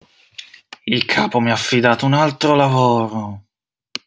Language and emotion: Italian, angry